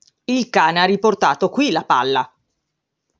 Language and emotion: Italian, angry